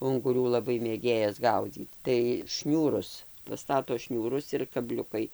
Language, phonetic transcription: Lithuanian, unguˈrių laˈbai mėˈgėjas ˈgaudzyt tai ˈšniūrus paˈstato ˈšniūrus ir kaˈbliukai

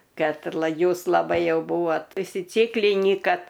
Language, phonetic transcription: Lithuanian, ˈkad ˈjūs laˈbai ˈjau ˈbūvot užsiˈcyklinį ˈkad

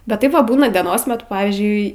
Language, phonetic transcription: Lithuanian, bet ˈtaip ˈva ˈbūna dieˈnos meˈtu ˈpavyzdžiui

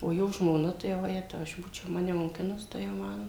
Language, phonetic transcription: Lithuanian, o ˈjo žmoˈna tai vaˈjetau aš ˈbūčiau ˈmane moˈkinus ˈtai jau ˈman

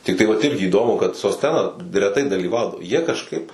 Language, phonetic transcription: Lithuanian, tikˈtai vat ˈirgi įˈdomu kad sosˈtena reˈtai dalyˈvaudavo jie kažˈkaip

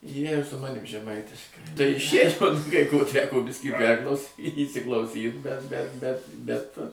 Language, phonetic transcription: Lithuanian, ˈjie ir su ˈmanim žeˈmaitiškai tai ˈšėčkos kai ko ˈteko ˈbiskį ˈperklausy įsiklauˈsyt bet be bet ˈbet

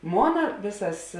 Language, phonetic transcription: Lithuanian, ˈmona ˈvėsas

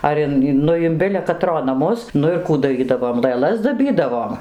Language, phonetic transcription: Lithuanian, ˈar in ˈnu in ˈbile kaˈtro naˈmus ˈnu ir ˈkų daˈrydavom lɘˈlas daˈbydavom

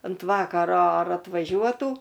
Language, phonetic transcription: Lithuanian, ant ˈvakaro ar atvaˈžiuotų

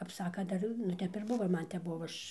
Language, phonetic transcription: Lithuanian, kap ˈsakan ˈdar nu ˈtep ir ˈbuvo ir ˈman ˈtep ˈbuvo ˈaš

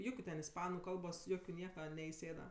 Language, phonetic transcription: Lithuanian, ˈjukiu ten isˈpanu ˈkalbos ˈjokiu ˈnieka neiˈsėda

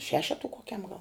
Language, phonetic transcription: Lithuanian, ˈšešetu koˈkiam gal

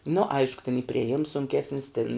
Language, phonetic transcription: Lithuanian, nu ˈaišku tin y prieˈjims sunˈkesnis tin

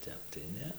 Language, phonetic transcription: Lithuanian, ˈtep tai ˈne

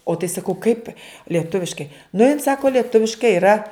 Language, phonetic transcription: Lithuanian, o tai saˈkau kaip lieˈtuviškai nu jin ˈsako lieˈtuviškai yˈra

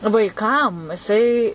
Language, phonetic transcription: Lithuanian, vaiˈkam jiˈsai

